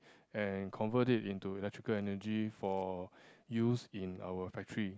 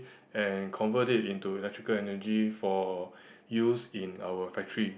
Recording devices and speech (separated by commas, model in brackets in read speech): close-talking microphone, boundary microphone, conversation in the same room